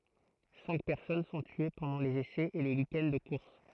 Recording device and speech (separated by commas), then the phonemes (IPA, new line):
throat microphone, read sentence
sɛ̃k pɛʁsɔn sɔ̃ tye pɑ̃dɑ̃ lez esɛz e lə wikɛnd də kuʁs